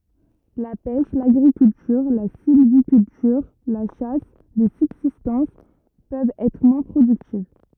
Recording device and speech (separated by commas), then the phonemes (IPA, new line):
rigid in-ear microphone, read sentence
la pɛʃ laɡʁikyltyʁ la silvikyltyʁ la ʃas də sybzistɑ̃s pøvt ɛtʁ mwɛ̃ pʁodyktiv